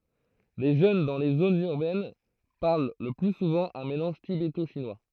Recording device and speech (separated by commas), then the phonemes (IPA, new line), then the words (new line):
throat microphone, read sentence
le ʒøn dɑ̃ le zonz yʁbɛn paʁl lə ply suvɑ̃ œ̃ melɑ̃ʒ tibeto ʃinwa
Les jeunes dans les zones urbaines parlent le plus souvent un mélange tibéto-chinois.